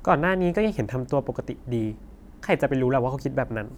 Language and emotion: Thai, neutral